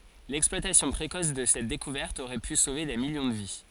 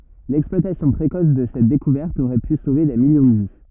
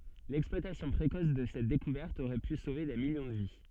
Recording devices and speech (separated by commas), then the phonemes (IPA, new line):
forehead accelerometer, rigid in-ear microphone, soft in-ear microphone, read sentence
lɛksplwatasjɔ̃ pʁekɔs də sɛt dekuvɛʁt oʁɛ py sove de miljɔ̃ də vi